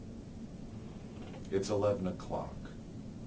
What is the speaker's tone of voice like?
neutral